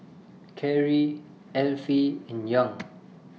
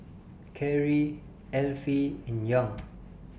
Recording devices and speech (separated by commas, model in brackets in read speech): mobile phone (iPhone 6), boundary microphone (BM630), read sentence